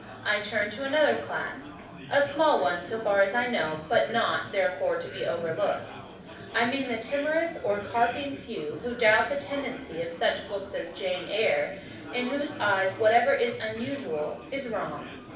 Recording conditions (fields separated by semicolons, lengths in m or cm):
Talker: one person; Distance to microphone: 5.8 m; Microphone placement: far; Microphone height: 1.8 m; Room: medium-sized (5.7 m by 4.0 m); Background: babble